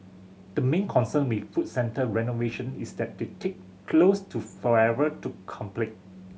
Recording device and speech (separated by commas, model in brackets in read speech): mobile phone (Samsung C7100), read sentence